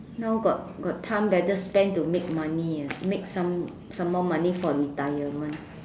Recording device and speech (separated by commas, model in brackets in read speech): standing microphone, conversation in separate rooms